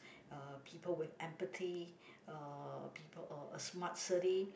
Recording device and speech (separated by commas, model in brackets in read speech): boundary microphone, conversation in the same room